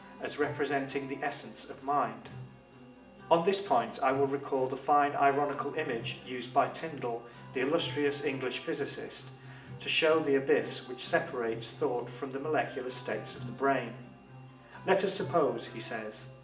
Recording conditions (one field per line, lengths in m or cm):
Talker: one person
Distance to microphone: 1.8 m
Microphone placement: close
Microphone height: 1.0 m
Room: large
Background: music